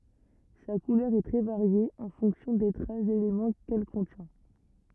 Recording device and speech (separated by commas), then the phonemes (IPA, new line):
rigid in-ear microphone, read sentence
sa kulœʁ ɛ tʁɛ vaʁje ɑ̃ fɔ̃ksjɔ̃ de tʁas delemɑ̃ kɛl kɔ̃tjɛ̃